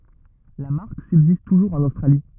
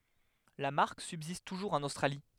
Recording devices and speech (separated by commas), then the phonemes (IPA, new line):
rigid in-ear microphone, headset microphone, read sentence
la maʁk sybzist tuʒuʁz ɑ̃n ostʁali